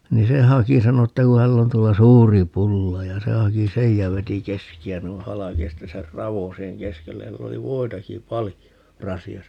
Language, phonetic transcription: Finnish, ni 'se "haki - 'sano että ku 'häll ‿on 'tuolla "suuri 'pulla ja 'se 'haki "sej ja 'veti "keski₍ä 'nui "halaki ja 'sitte ser "ravo 'siiheŋ "keskellej ja 'sill ‿oli "voitaki "palijo , 'rasi₍asa .
- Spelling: niin se haki sanoi että kun hänellä on tuolla suuri pulla ja se haki sen ja veti keskeä noin halki ja sitten sen raon siihen keskelle ja sillä oli voitakin paljon rasiassa

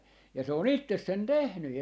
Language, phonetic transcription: Finnish, ja 'se ‿o"n ‿ittes 'sen "tehny .
- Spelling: ja se on itse sen tehnyt

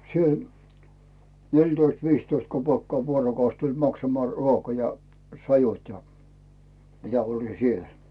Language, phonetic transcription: Finnish, siel- , 'neltoist 'viistoist 'kopèkkaa 'vuorokaus tuĺ 'maksamᵒà 'ruoka ja 'sajut ja , ja mitä oĺi 'siel .
- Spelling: siellä neljätoista viisitoista kopeekkaa vuorokausi tuli maksamaan ruoka ja sajut ja ja mitä oli siellä

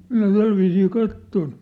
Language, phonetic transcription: Finnish, 'minä 'tälviisii 'katton .
- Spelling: minä tällä viisiin katsoin

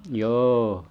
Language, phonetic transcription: Finnish, 'jô .
- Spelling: joo

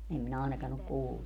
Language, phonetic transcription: Finnish, 'em minä 'aenakan ‿ok 'kullu .
- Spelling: en minä ainakaan ole kuullut

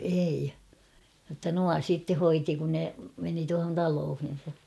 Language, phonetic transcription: Finnish, ei , jotta 'nua "sitte 'hoiti kun ne , meni tuahon 'taloohin̬sa .
- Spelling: ei jotta nuo sitten hoiti kun ne meni tuohon taloihinsa

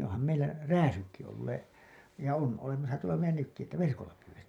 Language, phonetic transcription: Finnish, oham meillä "rääsykki 'ollee , ja 'on , 'olemasa tuola meil̆lä 'nykki että 'verkolla pyywettii .
- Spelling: onhan meillä rääsytkin olleet ja on olemassa tuolla meillä nytkin että verkolla pyydettiin

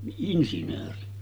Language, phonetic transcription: Finnish, niˀ 'ˀinsinööri .
- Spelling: niin insinööri

